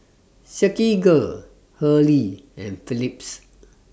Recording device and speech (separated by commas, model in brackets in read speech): standing microphone (AKG C214), read sentence